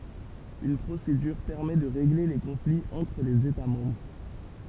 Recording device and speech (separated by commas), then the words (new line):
temple vibration pickup, read sentence
Une procédure permet de régler les conflits entre les États membres.